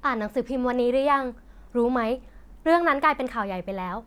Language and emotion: Thai, neutral